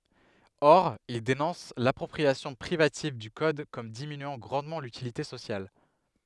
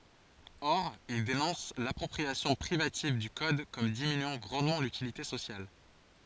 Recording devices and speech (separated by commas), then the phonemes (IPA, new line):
headset microphone, forehead accelerometer, read sentence
ɔʁ il denɔ̃s lapʁɔpʁiasjɔ̃ pʁivativ dy kɔd kɔm diminyɑ̃ ɡʁɑ̃dmɑ̃ lytilite sosjal